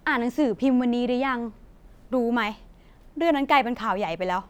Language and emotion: Thai, frustrated